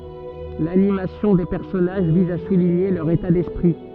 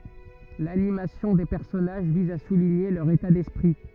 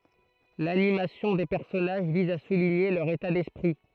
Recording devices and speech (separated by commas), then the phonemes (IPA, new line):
soft in-ear microphone, rigid in-ear microphone, throat microphone, read sentence
lanimasjɔ̃ de pɛʁsɔnaʒ viz a suliɲe lœʁ eta dɛspʁi